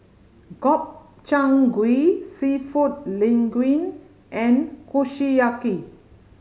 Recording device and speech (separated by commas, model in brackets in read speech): mobile phone (Samsung C5010), read sentence